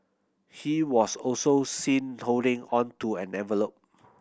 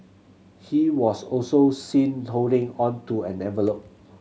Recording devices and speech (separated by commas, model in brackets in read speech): boundary microphone (BM630), mobile phone (Samsung C7100), read sentence